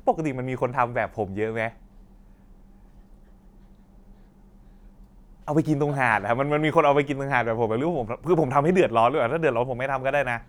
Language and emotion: Thai, angry